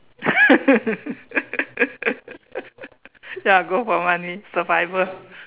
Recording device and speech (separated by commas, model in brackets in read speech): telephone, conversation in separate rooms